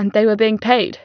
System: none